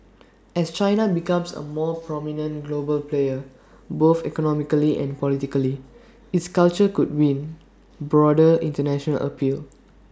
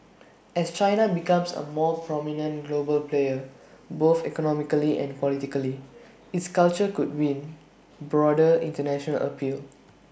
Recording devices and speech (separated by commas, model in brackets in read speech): standing microphone (AKG C214), boundary microphone (BM630), read sentence